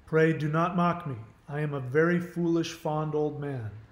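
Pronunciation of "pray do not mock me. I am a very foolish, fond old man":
The line is spoken in a standard American accent.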